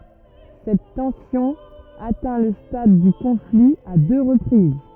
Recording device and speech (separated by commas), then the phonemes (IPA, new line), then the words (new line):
rigid in-ear microphone, read sentence
sɛt tɑ̃sjɔ̃ atɛ̃ lə stad dy kɔ̃fli a dø ʁəpʁiz
Cette tension atteint le stade du conflit à deux reprises.